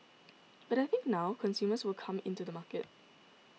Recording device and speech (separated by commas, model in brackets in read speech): mobile phone (iPhone 6), read sentence